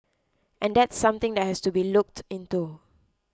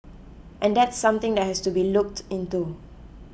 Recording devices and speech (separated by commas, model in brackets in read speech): close-talking microphone (WH20), boundary microphone (BM630), read sentence